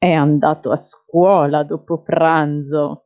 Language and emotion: Italian, disgusted